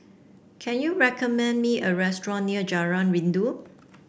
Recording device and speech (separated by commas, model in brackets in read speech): boundary microphone (BM630), read sentence